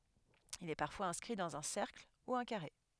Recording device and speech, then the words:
headset microphone, read sentence
Il est parfois inscrit dans un cercle, ou un carré.

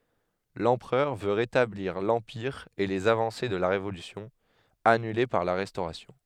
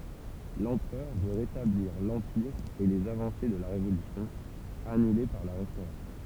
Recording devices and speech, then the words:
headset microphone, temple vibration pickup, read sentence
L'empereur veut rétablir l'Empire et les avancées de la Révolution, annulées par la Restauration.

